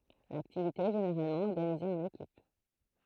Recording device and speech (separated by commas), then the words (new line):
throat microphone, read sentence
L'activité est généralement organisée en équipes.